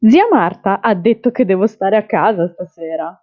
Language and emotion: Italian, happy